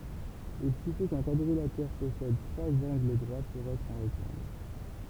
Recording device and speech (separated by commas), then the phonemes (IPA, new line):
temple vibration pickup, read sentence
il syfi kœ̃ kwadʁilatɛʁ pɔsɛd tʁwaz ɑ̃ɡl dʁwa puʁ ɛtʁ œ̃ ʁɛktɑ̃ɡl